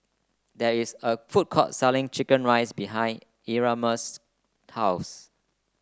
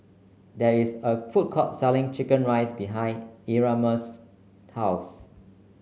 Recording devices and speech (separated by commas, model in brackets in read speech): close-talking microphone (WH30), mobile phone (Samsung C9), read sentence